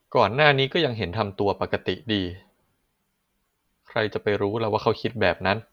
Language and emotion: Thai, neutral